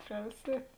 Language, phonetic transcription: Lithuanian, ˈpriausiet'

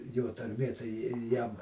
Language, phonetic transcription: Lithuanian, ˈjo tarˈmė tai ˈji ˈjam

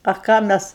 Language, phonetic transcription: Lithuanian, a ˈką ˈmes

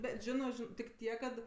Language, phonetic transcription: Lithuanian, ˈbet ˈžino ˈžin tik ˈtiek kad

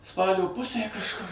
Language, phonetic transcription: Lithuanian, ˈspalio ˈpusė kažˈkur

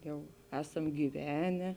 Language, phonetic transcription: Lithuanian, ˈjau ˈesam gyˈvene

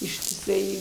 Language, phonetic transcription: Lithuanian, ištiˈsai

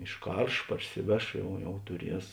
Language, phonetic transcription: Lithuanian, išˈkarš ˈparsiˌveš ˈjau jau tuˈries

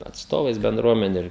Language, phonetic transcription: Lithuanian, atsˈtovais benˈdruomeniu ir

